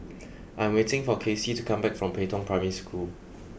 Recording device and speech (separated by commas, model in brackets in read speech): boundary microphone (BM630), read sentence